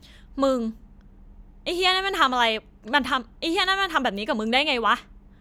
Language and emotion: Thai, angry